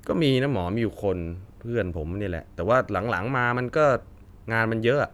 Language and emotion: Thai, frustrated